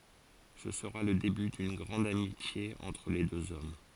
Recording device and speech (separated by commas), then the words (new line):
forehead accelerometer, read sentence
Ce sera le début d'une grande amitié entre les deux hommes.